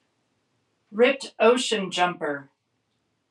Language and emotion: English, neutral